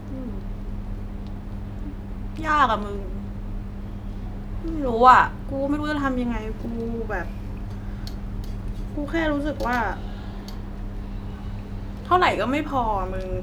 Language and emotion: Thai, frustrated